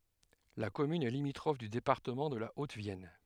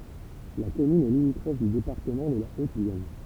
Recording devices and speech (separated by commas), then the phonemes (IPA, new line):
headset microphone, temple vibration pickup, read sentence
la kɔmyn ɛ limitʁɔf dy depaʁtəmɑ̃ də la otəvjɛn